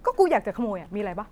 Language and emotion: Thai, frustrated